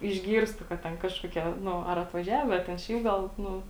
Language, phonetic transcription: Lithuanian, išˈgyrstu kad ˈten ˈkažkuoˌkie ˈnu ar atvaˈžiave a ten ˈšiaip gal ˈnu

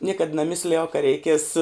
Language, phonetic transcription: Lithuanian, ˈniekad naˈmislijau ka reiˈkies

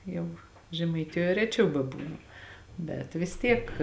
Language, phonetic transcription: Lithuanian, ˈjau žemaiˈtijoj ˈreˌčiau beˈbūnu ˈbet vis ˈtiek

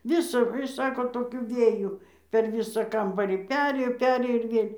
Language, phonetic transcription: Lithuanian, ˈvisa ˈsako toˈkiu ˈvėju per ˈvysą ˈkambarį ˈperėjo ˈperėjo ir ˈvėl'

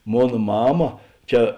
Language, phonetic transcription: Lithuanian, ˈmon ˈmama ˈčia

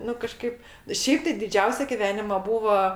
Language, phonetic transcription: Lithuanian, ˈnu kaˈžkaip ˈšiaip tai diˈdžiausia giˈvenima ˈbūva

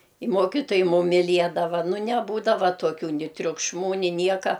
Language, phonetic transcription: Lithuanian, i ˈmuokitojai ˈmum miˈliedava ˈnu neˈbūdava tuoˈkių ˈni triukšˈmų ˈni ˈnieka

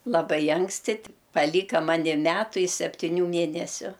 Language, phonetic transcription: Lithuanian, laˈbai ˈanksti ti paˈlyka ˈmani ˈmetu i septiˈnių ˈmėnesiu

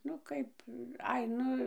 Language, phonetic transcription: Lithuanian, ˈnu ˈkaip ˈai ˈnu

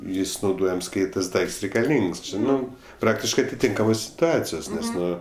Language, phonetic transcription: Lithuanian, ˈjis nauˈdojams ˈkai tas ˈdaikts reikaˈlyngs ˈči ˈnu ˈpraktiškɜ atiˈtinkamos situˈacijos ˈnes ˈnu

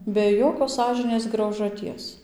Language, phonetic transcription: Lithuanian, be ˈjokios ˈsąžinės graužaˈties

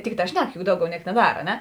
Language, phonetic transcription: Lithuanian, ˈtikˌtā ˈšnek juk ˈdauˌgiau ˈniek neˈdar a ˈne

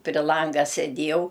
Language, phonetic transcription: Lithuanian, pri ˈlanga seˈdiejau

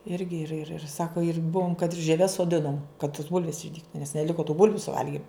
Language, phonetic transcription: Lithuanian, ˈirgi ir ir ir ˈsako ir ˈbuvom kad ir žieˈves soˈdinom kad tos ˈbulvės išˈdygtu nes neˈliko tų ˈbulviu suˈvalgim

